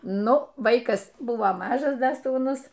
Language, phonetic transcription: Lithuanian, ˈnu ˈvaikas ˈbuvo ˈmažas ˈda sūˈnus

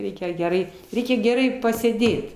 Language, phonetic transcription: Lithuanian, ˈreikia geˈrai ˈreikia geˈrai pasėˈdėt

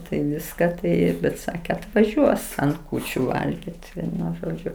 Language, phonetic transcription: Lithuanian, tai ˈviska ˈtai bet ˈsake atvaˈžiuos ant ˈkūčiu ˈvalgit ˈvienu ˈžodžiu

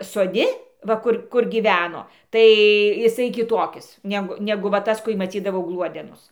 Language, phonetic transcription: Lithuanian, soˈdi ˈva ˈkur kur gyˈveno ˈtai jiˈsai kiˈtokis ˈnegu ˈnegu va ˈtas ku i maˈcydavau ˈgluodenus

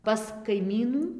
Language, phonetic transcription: Lithuanian, pas kaiˈmynų

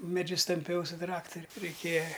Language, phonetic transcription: Lithuanian, meˈdžius tamˈpiau su ˈtrakturiu reiˈkėja

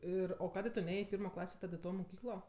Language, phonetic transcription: Lithuanian, ˈir o ˈkadė tu ˈnėjė i ˈpirmo ˈklasė ˈtad i ˈto moˈkyklo

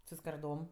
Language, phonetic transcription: Lithuanian, su skarˈdom

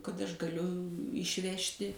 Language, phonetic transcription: Lithuanian, kad aš gaˈliu išˈvežti

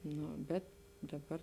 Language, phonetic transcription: Lithuanian, ˈno ˈbet daˈbar

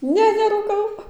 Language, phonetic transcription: Lithuanian, ˈne nerūˈkau

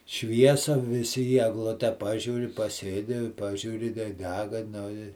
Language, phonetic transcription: Lithuanian, ˈšviesa viˈsi į egˈlute ˈpažiūri paˈsėdi ˈpažiūri tai ˈdega ˈnu i

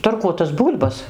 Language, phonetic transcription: Lithuanian, tarˈkuotas ˈbūl'bas

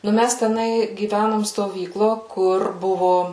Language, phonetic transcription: Lithuanian, nu ˈmæs teˈnai gyˈvænom stoˈvyklo ˈkur ˈbuvo

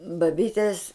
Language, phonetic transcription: Lithuanian, baˈbytės

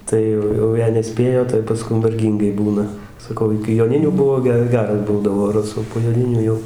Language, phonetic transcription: Lithuanian, ˈtai jau jau ˈjei neˈspėjo tai paˈskum varˈgyngai ˈbūna saˈkau iki joˈninių ˈbuvo ˈge ˈgeras ˈbūdavo raˈsų po joˈninių ˈjau

